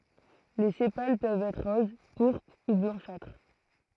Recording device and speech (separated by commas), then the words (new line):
throat microphone, read sentence
Les sépales peuvent être roses, pourpres ou blanchâtres.